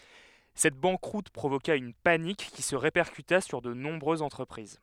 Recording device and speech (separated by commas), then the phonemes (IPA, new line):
headset microphone, read sentence
sɛt bɑ̃kʁut pʁovoka yn panik ki sə ʁepɛʁkyta syʁ də nɔ̃bʁøzz ɑ̃tʁəpʁiz